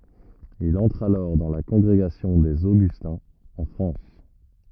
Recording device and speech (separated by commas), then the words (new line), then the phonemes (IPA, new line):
rigid in-ear microphone, read sentence
Il entre alors dans la Congrégation des Augustins, en France.
il ɑ̃tʁ alɔʁ dɑ̃ la kɔ̃ɡʁeɡasjɔ̃ dez oɡystɛ̃z ɑ̃ fʁɑ̃s